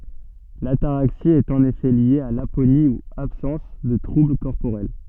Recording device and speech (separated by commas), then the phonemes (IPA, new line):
soft in-ear microphone, read sentence
lataʁaksi ɛt ɑ̃n efɛ lje a laponi u absɑ̃s də tʁubl kɔʁpoʁɛl